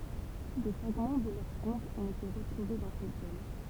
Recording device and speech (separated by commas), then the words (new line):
temple vibration pickup, read sentence
Des fragments de leurs tombes ont été retrouvés dans cette zone.